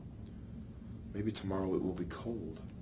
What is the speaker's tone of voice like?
neutral